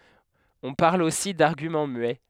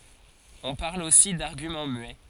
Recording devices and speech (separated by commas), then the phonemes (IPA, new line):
headset microphone, forehead accelerometer, read sentence
ɔ̃ paʁl osi daʁɡymɑ̃ myɛ